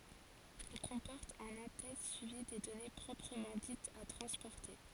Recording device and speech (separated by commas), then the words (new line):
forehead accelerometer, read sentence
Il comporte un en-tête suivi des données proprement dites à transporter.